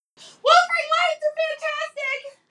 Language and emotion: English, fearful